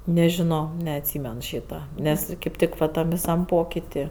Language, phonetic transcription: Lithuanian, nežiˈno neatˈsymen ˈšyta ˈnes kaip ˈtik va ˈtam viˈsam ˈpokiti

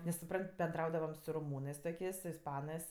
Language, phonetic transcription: Lithuanian, nes suˈpran't' benˈdraudavam su roˈmūnɜs toˈkės' su isˈpanɜs

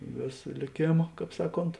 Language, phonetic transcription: Lithuanian, ˈvėsa lėˈkėma ˈkāp ˈsaˌkont

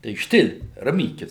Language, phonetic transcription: Lithuanian, tai ˈštil' raˈmykis

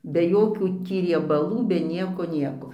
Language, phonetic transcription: Lithuanian, be ˈjokių ˈtį riebaˈlų be ˈnieko ˈnieko

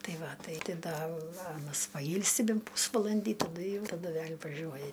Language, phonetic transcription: Lithuanian, ˈtai ˈva ˈtai ti ˈda ˈanas paˈjylsi ˈbent ˈpūsvalandį taˈdu ˈjau taˈdu ˈvel' vaˈžiuoja

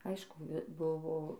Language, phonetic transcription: Lithuanian, ˈaišku ˈbuvo

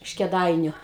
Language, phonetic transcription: Lithuanian, iš keˈdainiu

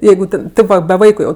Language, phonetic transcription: Lithuanian, ˈjeigu ten ˈtėp va be ˈvaiku jau

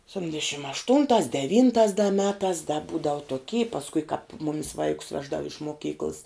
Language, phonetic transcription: Lithuanian, sepˈtindešim ašˈtuntās deˈvyntās da ˈmetās da ˈbūdavu toˈky pasˈkui kāp ˈmumis ˈvaikus ˈveždavu iš moˈkykls

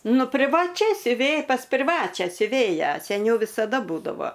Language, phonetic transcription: Lithuanian, ˈnu privaˈčia siuˈvėj pas priˈvačią siuˈvėją seˈniau visaˈda ˈbūdavo

